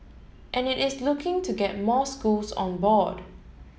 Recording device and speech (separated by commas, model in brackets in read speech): mobile phone (Samsung S8), read sentence